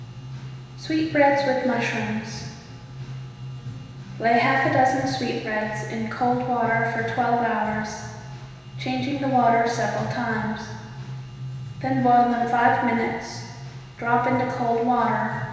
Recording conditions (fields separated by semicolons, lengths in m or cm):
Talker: one person; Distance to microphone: 1.7 m; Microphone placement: close; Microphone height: 1.0 m; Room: very reverberant, large; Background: music